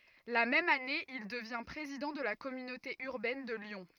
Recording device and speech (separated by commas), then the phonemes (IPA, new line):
rigid in-ear microphone, read sentence
la mɛm ane il dəvjɛ̃ pʁezidɑ̃ də la kɔmynote yʁbɛn də ljɔ̃